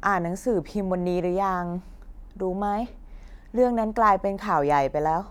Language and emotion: Thai, frustrated